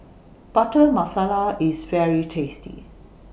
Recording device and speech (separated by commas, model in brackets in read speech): boundary microphone (BM630), read sentence